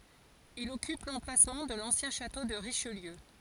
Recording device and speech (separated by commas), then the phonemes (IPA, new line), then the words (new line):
forehead accelerometer, read sentence
il ɔkyp lɑ̃plasmɑ̃ də lɑ̃sjɛ̃ ʃato də ʁiʃliø
Il occupe l'emplacement de l'ancien château de Richelieu.